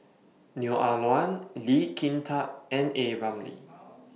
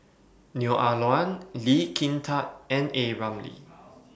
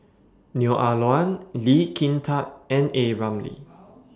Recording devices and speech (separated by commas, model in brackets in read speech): mobile phone (iPhone 6), boundary microphone (BM630), standing microphone (AKG C214), read sentence